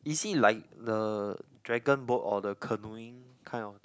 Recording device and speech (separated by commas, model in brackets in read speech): close-talking microphone, conversation in the same room